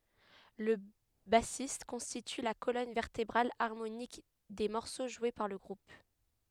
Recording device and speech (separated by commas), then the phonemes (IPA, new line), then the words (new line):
headset microphone, read sentence
lə basist kɔ̃stity la kolɔn vɛʁtebʁal aʁmonik de mɔʁso ʒwe paʁ lə ɡʁup
Le bassiste constitue la colonne vertébrale harmonique des morceaux joués par le groupe.